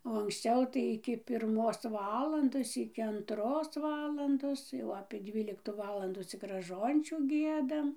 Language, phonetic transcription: Lithuanian, o anksˈciau tai ˈiki pirˈmos ˈvalandos ˈiki anˈtros ˈvalandos jau apie ˈdvyliktų ˈvalandų ˈcik raˈžončių ˈgiedam

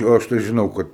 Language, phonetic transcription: Lithuanian, i ˈaš tai žiˈnau ˈkad

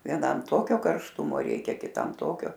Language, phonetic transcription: Lithuanian, vieˈnam ˈtokio karšˈtumo ˈreikia kiˈtam ˈtokio

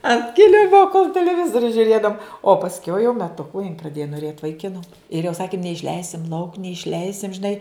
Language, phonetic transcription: Lithuanian, ant ˈkilimo kol teleˈvizoriu žiuˈrėdavum o pasˈkiau jau meˈtuku jin praˈdėjo noˈrėt vaiˈkinu ir jau ˈsakim neišˈleisim lauk neišˈleisim žiˈnai

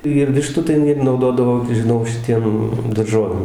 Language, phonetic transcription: Lithuanian, ir ˈvištų tai ˈir nauˈdodavo žiˈnau šiˈtiem darˈžovėm

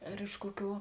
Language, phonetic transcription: Lithuanian, ar ˈiš kuoˌkių

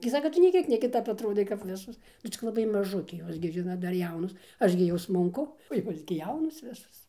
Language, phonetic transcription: Lithuanian, gi ˈsaka ˈtu nė ˈkiek ne kiˈtap atˈrodai kap ˈvisos ˈnu cik laˈbai maˈžukė ˈjos gi ˈžinot ˈdar ˈjaunos ˈaš gi jau smunˈku o ˈjos gi ˈjaunos ˈvisos

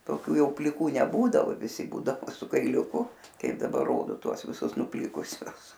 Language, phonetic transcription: Lithuanian, toˈkių ˈjau pliˈkų neˈbūdavo viˈsi ˈbūdavo su kailiuˈku ˈkaip daˈba ˈrodo ˈtuos viˈsus nuˈplikusius

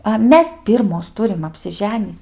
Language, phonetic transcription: Lithuanian, a ˈmes ˈpirmos ˈturim apsiˈženyc'

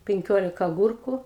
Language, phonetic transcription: Lithuanian, pinˈkiolika aˈgurku

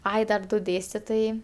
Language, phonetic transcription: Lithuanian, ˈai dar ˈdu ˈdėstitujai

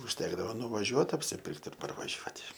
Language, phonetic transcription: Lithuanian, užˈtekdavo nuvaˈžiuot apsiˈpirkt ir parvaˈžiuoti

